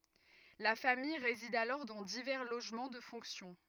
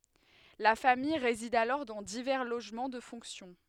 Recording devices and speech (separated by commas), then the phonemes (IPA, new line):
rigid in-ear microphone, headset microphone, read sentence
la famij ʁezid alɔʁ dɑ̃ divɛʁ loʒmɑ̃ də fɔ̃ksjɔ̃